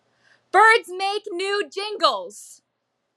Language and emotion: English, angry